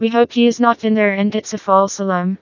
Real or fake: fake